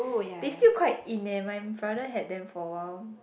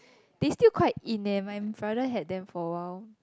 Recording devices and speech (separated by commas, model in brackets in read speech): boundary microphone, close-talking microphone, conversation in the same room